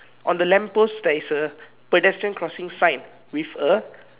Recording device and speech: telephone, conversation in separate rooms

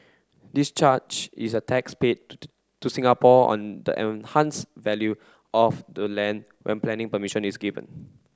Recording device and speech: close-talking microphone (WH30), read sentence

